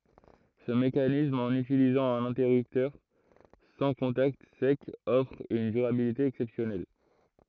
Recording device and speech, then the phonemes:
throat microphone, read sentence
sə mekanism ɑ̃n ytilizɑ̃ œ̃n ɛ̃tɛʁyptœʁ sɑ̃ kɔ̃takt sɛkz ɔfʁ yn dyʁabilite ɛksɛpsjɔnɛl

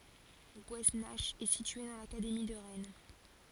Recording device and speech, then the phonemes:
forehead accelerometer, read sentence
ɡwɛsnak ɛ sitye dɑ̃ lakademi də ʁɛn

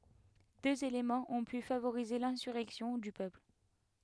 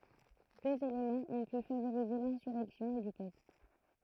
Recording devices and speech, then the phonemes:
headset microphone, throat microphone, read sentence
døz elemɑ̃z ɔ̃ py favoʁize lɛ̃syʁɛksjɔ̃ dy pøpl

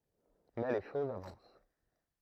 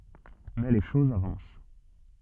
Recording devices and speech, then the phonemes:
throat microphone, soft in-ear microphone, read sentence
mɛ le ʃozz avɑ̃s

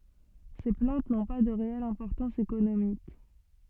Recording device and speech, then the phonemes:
soft in-ear microphone, read sentence
se plɑ̃t nɔ̃ pa də ʁeɛl ɛ̃pɔʁtɑ̃s ekonomik

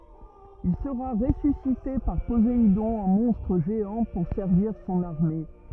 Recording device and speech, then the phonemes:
rigid in-ear microphone, read sentence
il səʁa ʁesysite paʁ pozeidɔ̃ ɑ̃ mɔ̃stʁ ʒeɑ̃ puʁ sɛʁviʁ sɔ̃n aʁme

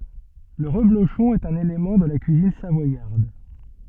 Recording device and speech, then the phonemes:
soft in-ear microphone, read sentence
lə ʁəbloʃɔ̃ ɛt œ̃n elemɑ̃ də la kyizin savwajaʁd

